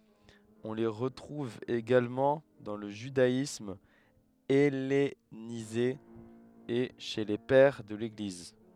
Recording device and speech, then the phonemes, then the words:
headset microphone, read sentence
ɔ̃ le ʁətʁuv eɡalmɑ̃ dɑ̃ lə ʒydaism ɛlenize e ʃe le pɛʁ də leɡliz
On les retrouve également dans le judaïsme hellénisé et chez les Pères de l'Église.

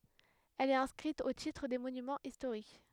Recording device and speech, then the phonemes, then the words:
headset microphone, read sentence
ɛl ɛt ɛ̃skʁit o titʁ de monymɑ̃z istoʁik
Elle est inscrite au titre des Monuments historiques.

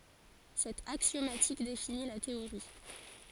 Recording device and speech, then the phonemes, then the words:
forehead accelerometer, read sentence
sɛt aksjomatik defini la teoʁi
Cette axiomatique définit la théorie.

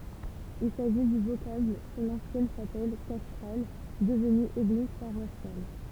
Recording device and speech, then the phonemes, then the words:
temple vibration pickup, read sentence
il saʒi dy vokabl puʁ lɑ̃sjɛn ʃapɛl kastʁal dəvny eɡliz paʁwasjal
Il s'agit du vocable pour l'ancienne chapelle castrale devenue église paroissiale.

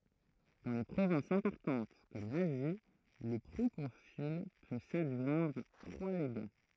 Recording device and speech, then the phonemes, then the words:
throat microphone, read sentence
dɑ̃ le pʁovɛ̃sz ɛ̃pɔʁtɑ̃t kɔm lazi lə pʁokɔ̃syl pø sadʒwɛ̃dʁ tʁwa leɡa
Dans les provinces importantes comme l'Asie, le proconsul peut s'adjoindre trois légats.

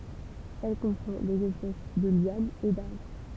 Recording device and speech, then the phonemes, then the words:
temple vibration pickup, read sentence
ɛl kɔ̃pʁɑ̃ dez ɛspɛs də ljanz e daʁbʁ
Elle comprend des espèces de lianes et d'arbres.

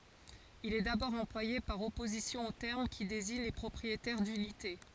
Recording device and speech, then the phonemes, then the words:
forehead accelerometer, read sentence
il ɛ dabɔʁ ɑ̃plwaje paʁ ɔpozisjɔ̃ o tɛʁm ki deziɲ le pʁɔpʁietɛʁ dynite
Il est d'abord employé par opposition au terme qui désigne les propriétaires d'unités.

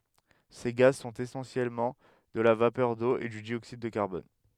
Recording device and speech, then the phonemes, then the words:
headset microphone, read sentence
se ɡaz sɔ̃t esɑ̃sjɛlmɑ̃ də la vapœʁ do e dy djoksid də kaʁbɔn
Ces gaz sont essentiellement de la vapeur d'eau et du dioxyde de carbone.

